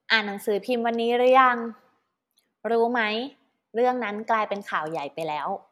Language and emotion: Thai, neutral